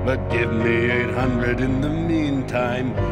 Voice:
sinister voice